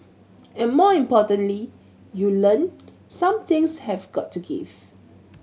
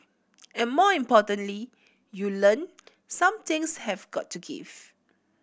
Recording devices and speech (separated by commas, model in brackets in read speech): mobile phone (Samsung C7100), boundary microphone (BM630), read sentence